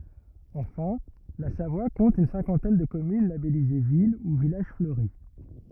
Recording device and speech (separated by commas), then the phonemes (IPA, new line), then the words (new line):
rigid in-ear microphone, read sentence
ɑ̃fɛ̃ la savwa kɔ̃t yn sɛ̃kɑ̃tɛn də kɔmyn labɛlize vil u vilaʒ fløʁi
Enfin, la Savoie compte une cinquantaine de communes labellisées ville ou village fleuri.